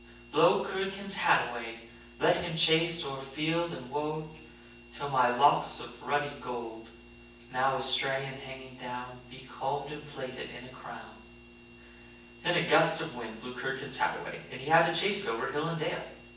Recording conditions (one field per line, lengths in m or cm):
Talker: one person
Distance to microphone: 9.8 m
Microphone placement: far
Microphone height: 1.8 m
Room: large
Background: none